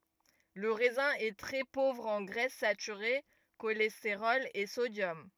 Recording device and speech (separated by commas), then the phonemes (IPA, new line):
rigid in-ear microphone, read sentence
lə ʁɛzɛ̃ ɛ tʁɛ povʁ ɑ̃ ɡʁɛs satyʁe ʃolɛsteʁɔl e sodjɔm